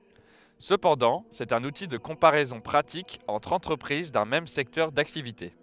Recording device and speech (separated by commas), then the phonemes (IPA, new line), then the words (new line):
headset microphone, read sentence
səpɑ̃dɑ̃ sɛt œ̃n uti də kɔ̃paʁɛzɔ̃ pʁatik ɑ̃tʁ ɑ̃tʁəpʁiz dœ̃ mɛm sɛktœʁ daktivite
Cependant, c'est un outil de comparaison pratique entre entreprises d'un même secteur d'activité.